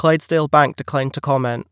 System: none